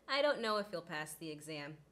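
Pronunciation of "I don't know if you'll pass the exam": In 'he'll', the h is dropped, so it sounds like 'eel': 'I don't know if 'eel pass the exam.' 'He'll' is unstressed.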